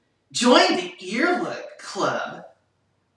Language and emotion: English, disgusted